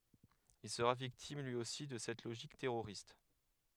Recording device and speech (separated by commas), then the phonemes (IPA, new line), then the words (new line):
headset microphone, read sentence
il səʁa viktim lyi osi də sɛt loʒik tɛʁoʁist
Il sera victime lui aussi de cette logique terroriste.